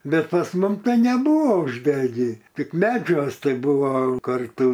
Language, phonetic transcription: Lithuanian, ˈbet pas ˈmum ˈtai neˈbuvo užˈdegį ˈtik ˈmedžiuos ˈtai ˈbuvo ˈkartų

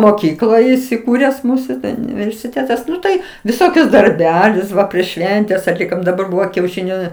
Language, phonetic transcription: Lithuanian, moˈkykloj isiˈkūres ˈmūsu universiˈtėtas ˈnu tai viˈsokius darˈbelius ˈva prieš ˈšventes atˈlikom daˈbar ˈbuvo kiaušiˈniu

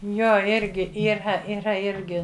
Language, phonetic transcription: Lithuanian, ˈjo ˈirgi yˈra yˈra ˈirgi

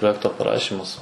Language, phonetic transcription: Lithuanian, proˈjekto paˈrašimas

